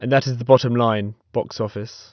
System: none